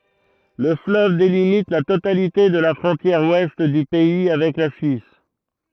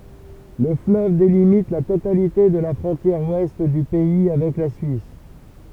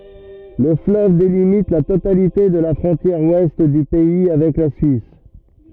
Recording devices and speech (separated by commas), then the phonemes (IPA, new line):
throat microphone, temple vibration pickup, rigid in-ear microphone, read sentence
lə fløv delimit la totalite də la fʁɔ̃tjɛʁ wɛst dy pɛi avɛk la syis